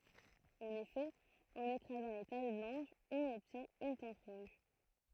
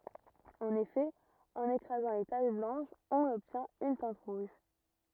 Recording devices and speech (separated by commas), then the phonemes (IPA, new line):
throat microphone, rigid in-ear microphone, read sentence
ɑ̃n efɛ ɑ̃n ekʁazɑ̃ le taʃ blɑ̃ʃz ɔ̃n ɔbtjɛ̃t yn tɛ̃t ʁuʒ